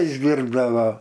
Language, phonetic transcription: Lithuanian, išˈdyrbdavo

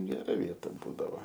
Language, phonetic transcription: Lithuanian, geˈra ˈvieta ˈbūdavo

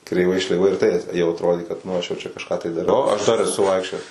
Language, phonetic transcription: Lithuanian, kreiˈvai šleiˈvai ir ˈtai jau atrodė kad nu ˈaš jau ˈčia kažˈką tai daˈrau aš dar eˈsu ˈvaikščiojes

